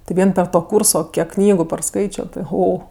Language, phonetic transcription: Lithuanian, ti ˈvien per ˈto ˈkūrso ˈkiek ˈknygu parˈskaičio ti ˈho

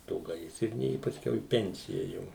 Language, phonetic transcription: Lithuanian, ˈto ˈgaisrinė i paˈskiau į ˈpencija ˈjau

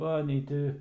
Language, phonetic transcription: Lithuanian, ˈva nei ˈti

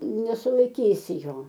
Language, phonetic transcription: Lithuanian, nesulaiˈkysi ˈjo

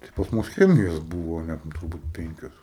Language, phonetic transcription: Lithuanian, tai pas ˈmus ˈchemijos ˈbūvo ne turˈbūt ˈpenkios

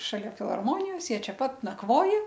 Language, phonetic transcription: Lithuanian, šaˈlia filharˈmonijos ˈjie ˈčia ˈpat nakˈvoja

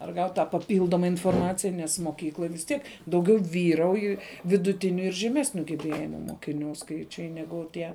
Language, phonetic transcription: Lithuanian, ar ˈgaut' tą paˈpyldoma inforˈmacija nes moˈkykloj vis ˈtiek dauˈgiau ˈvyrauj viduˈtiniu ir žeˈmesniu geˈbėjimu mokiˈnių ˈskaičiai ˈnegu ˈtie

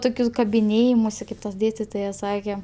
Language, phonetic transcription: Lithuanian, ˈtokius kabiˈnėjimusi ˈkaip ˈtas ˈdėstitojas ˈsake

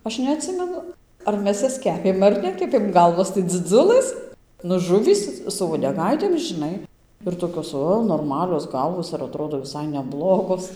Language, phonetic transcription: Lithuanian, ˈaš neatˈsimenu ar ˈmes ˈjas ˈkepėm ar ˈnekepėm ˈgalvos tai dziˈdzulɘs nu ˈžuvys su uodeˈgaitėm žiˈnai ir toˈkios ˈo norˈmalios ˈgalvos ir aˈtrodo viˈsai neˈblogos

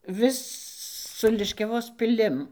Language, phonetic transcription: Lithuanian, ˈvis su liškiaˈvos piˈlim

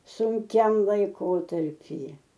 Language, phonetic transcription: Lithuanian, sunˈkiam laiˈkotarpyje

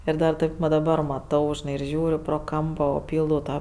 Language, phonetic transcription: Lithuanian, ˈir dar ˈtaip va daˈbar maˈtau žiˈnai ir ˈžiūriu pro ˈkampo o ˈpyldau ˈtą

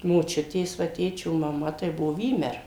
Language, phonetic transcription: Lithuanian, moˈčiutės va ˈtėčio maˈma tai ˈbuvo ˈvymer

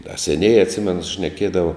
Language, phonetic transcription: Lithuanian, da seˈnėjē atˈsimenu šneˈkiedava

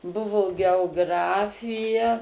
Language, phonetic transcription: Lithuanian, ˈbuvo geoˈgrafija

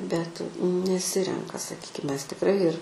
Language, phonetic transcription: Lithuanian, bet neˈsirenka saˈkykim ˈmes tikˈrai ir

